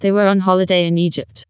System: TTS, vocoder